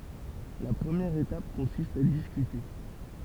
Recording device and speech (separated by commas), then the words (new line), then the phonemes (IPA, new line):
temple vibration pickup, read sentence
La première étape consiste à discuter.
la pʁəmjɛʁ etap kɔ̃sist a diskyte